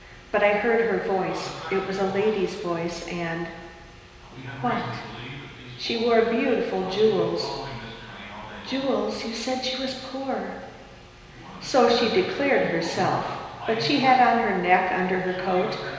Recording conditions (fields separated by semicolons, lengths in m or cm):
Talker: one person; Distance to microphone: 1.7 m; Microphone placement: close; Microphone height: 1.0 m; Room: very reverberant, large; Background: television